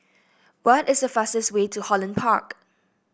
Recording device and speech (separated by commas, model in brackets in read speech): boundary microphone (BM630), read sentence